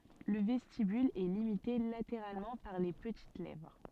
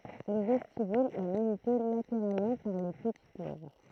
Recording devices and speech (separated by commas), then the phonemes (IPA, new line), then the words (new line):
soft in-ear microphone, throat microphone, read sentence
lə vɛstibyl ɛ limite lateʁalmɑ̃ paʁ le pətit lɛvʁ
Le vestibule est limité latéralement par les petites lèvres.